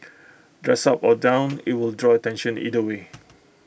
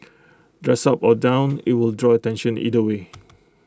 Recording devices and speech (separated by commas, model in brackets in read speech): boundary microphone (BM630), close-talking microphone (WH20), read sentence